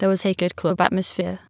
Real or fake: fake